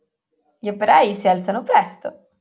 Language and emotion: Italian, happy